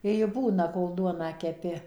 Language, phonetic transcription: Lithuanian, i ji ˈbūna kol ˈduoną keˈpi

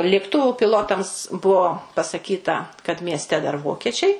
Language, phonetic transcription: Lithuanian, lėkˈtuvu piˈlotams ˈbuvo pasaˈkyta kad miesˈte dar ˈvokiečiai

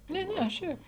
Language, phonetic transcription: Lithuanian, ˈne ˈne ˈšiaip

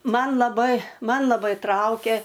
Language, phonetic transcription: Lithuanian, ˈman laˈbai ˈman laˈbai ˈtraukė

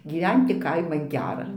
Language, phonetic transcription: Lithuanian, gyˈventi ˈkaiman ˈgera

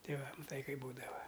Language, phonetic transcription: Lithuanian, ˈtei ˈva maˈtai ˈkaip ˈbūdava

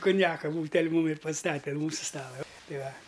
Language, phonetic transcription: Lithuanian, kunˈjaka ˈbūtel' ˈmūm ir paˈstate an ˈmūsu ˈstala ˈtai ˈva

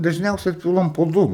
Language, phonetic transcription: Lithuanian, dažˈniausiai ˈpilam po ˈdu

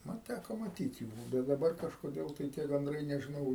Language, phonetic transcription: Lithuanian, ˈman ˈtæko maˈtyt jų bet daˈbar kažkoˈdėl tai tie ganˈdrai nežiˈnau

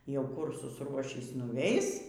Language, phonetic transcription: Lithuanian, jau ˈkur susˈruošys nuˈveis

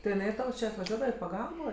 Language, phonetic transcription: Lithuanian, ti iˈnai ˈtau či atvaˈžiuodava i paˈgalbo

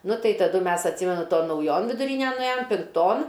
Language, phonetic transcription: Lithuanian, ˈnu ˈtai taˈdu ˈmes atˈsymenu ˈton nauˈjon viduˈrynen nuˈėjom pinkˈton

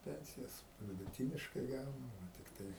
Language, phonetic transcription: Lithuanian, ˈpensijas viduˈtyniškai ˈgaunu tikˈtai

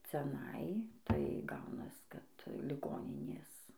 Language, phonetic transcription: Lithuanian, ciaˈnai tai ˈgaunas kad liˈgoninės

